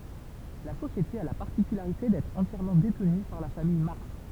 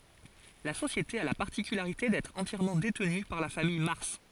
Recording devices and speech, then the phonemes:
temple vibration pickup, forehead accelerometer, read sentence
la sosjete a la paʁtikylaʁite dɛtʁ ɑ̃tjɛʁmɑ̃ detny paʁ la famij maʁs

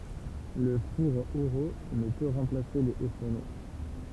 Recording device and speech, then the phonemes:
temple vibration pickup, read sentence
lə fuʁ eʁult nə pø ʁɑ̃plase le o fuʁno

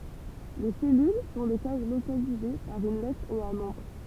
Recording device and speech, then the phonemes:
temple vibration pickup, read sentence
le sɛlyl sɔ̃ de kaz lokalize paʁ yn lɛtʁ e œ̃ nɔ̃bʁ

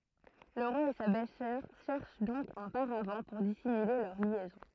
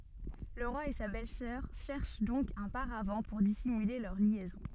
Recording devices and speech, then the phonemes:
throat microphone, soft in-ear microphone, read sentence
lə ʁwa e sa bɛlzœʁ ʃɛʁʃ dɔ̃k œ̃ paʁav puʁ disimyle lœʁ ljɛzɔ̃

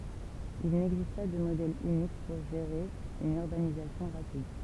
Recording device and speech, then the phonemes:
temple vibration pickup, read sentence
il nɛɡzist pa də modɛl ynik puʁ ʒeʁe yn yʁbanizasjɔ̃ ʁapid

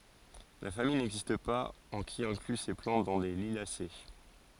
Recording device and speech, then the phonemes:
forehead accelerometer, read sentence
la famij nɛɡzist paz ɑ̃ ki ɛ̃kly se plɑ̃t dɑ̃ le liljase

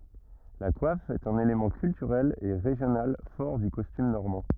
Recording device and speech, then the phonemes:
rigid in-ear microphone, read sentence
la kwaf ɛt œ̃n elemɑ̃ kyltyʁɛl e ʁeʒjonal fɔʁ dy kɔstym nɔʁmɑ̃

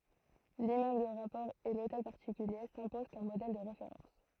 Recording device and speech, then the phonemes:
throat microphone, read sentence
limmøbl də ʁapɔʁ e lotɛl paʁtikylje sɛ̃pozɑ̃ kɔm modɛl də ʁefeʁɑ̃s

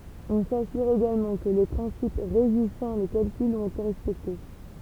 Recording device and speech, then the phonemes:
temple vibration pickup, read sentence
ɔ̃ sasyʁ eɡalmɑ̃ kə le pʁɛ̃sip ʁeʒisɑ̃ le kalkylz ɔ̃t ete ʁɛspɛkte

